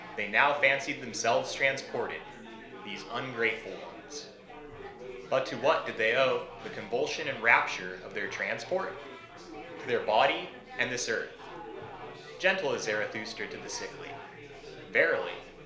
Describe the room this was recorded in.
A small space.